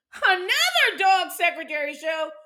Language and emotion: English, surprised